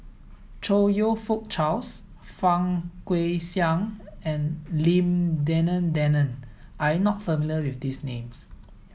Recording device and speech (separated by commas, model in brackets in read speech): mobile phone (iPhone 7), read sentence